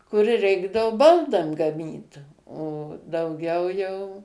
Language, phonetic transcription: Lithuanian, kur ˈreikdavu ˈbaldam gaˈmyt o dauˈgiau jau

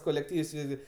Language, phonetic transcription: Lithuanian, kolekˈtyvs ˈvisgi

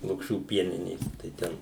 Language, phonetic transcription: Lithuanian, lukˈšių ˈpieninės tai ˈten

